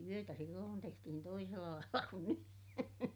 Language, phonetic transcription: Finnish, mut- , työtä silloon tehtihin toisella lailla kun ny .
- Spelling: mutta työtä silloin tehtiin toisella lailla kuin nyt

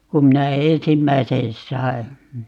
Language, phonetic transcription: Finnish, 'kum minä "eèsimmäisen 'sai̮ .
- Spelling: kun minä ensimmäisen sain

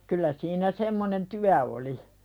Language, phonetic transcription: Finnish, 'kyllä siinä semmonen "tyä oli .
- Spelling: kyllä siinä semmoinen työ oli

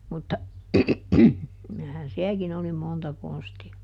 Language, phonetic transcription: Finnish, mutta , (kylähän) ˈsiäkin ‿oli ˈmonta ˈkonsti₍a .
- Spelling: mutta kyllähän sielläkin oli monta konstia

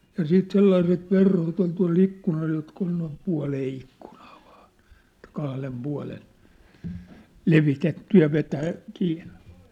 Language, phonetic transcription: Finnish, ja 'siit 'sellaiset 'verhot ‿ol tua̭'l ‿ikkunal jotk ‿ol noim 'pua̭lee ikkᴜɴᴀᴀ ᴠᴀᴀɴ , et 'kahlem 'pua̭len , "levitetty ja 'vetää , kiinnᴇ .
- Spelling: ja sitten sellaiset verhot oli tuolla ikkunalla jotka oli noin puoleen ikkunaan vain että kahden puolen levitetty ja vetää kiinni

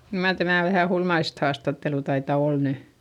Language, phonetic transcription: Finnish, kyl mar tämä̀ vähä hulmaist haastattelu taita ol ny !
- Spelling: kyllä mar tämä vähän hullumaista haastattelua taitaa olla nyt

